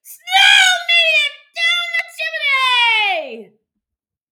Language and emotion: English, happy